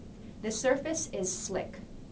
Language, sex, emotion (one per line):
English
female
neutral